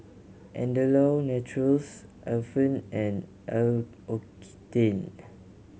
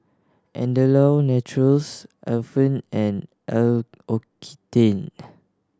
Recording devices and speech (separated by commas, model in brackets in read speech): mobile phone (Samsung C7100), standing microphone (AKG C214), read sentence